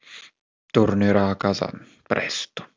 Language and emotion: Italian, sad